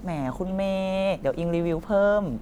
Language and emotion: Thai, happy